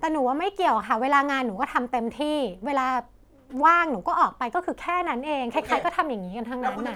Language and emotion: Thai, frustrated